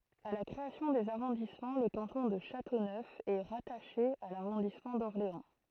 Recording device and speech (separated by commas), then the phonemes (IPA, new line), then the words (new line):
throat microphone, read sentence
a la kʁeasjɔ̃ dez aʁɔ̃dismɑ̃ lə kɑ̃tɔ̃ də ʃatonœf ɛ ʁataʃe a laʁɔ̃dismɑ̃ dɔʁleɑ̃
À la création des arrondissements, le canton de Châteauneuf est rattaché à l'arrondissement d'Orléans.